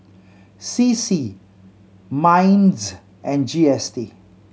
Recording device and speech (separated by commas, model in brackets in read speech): mobile phone (Samsung C7100), read sentence